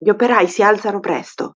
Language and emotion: Italian, angry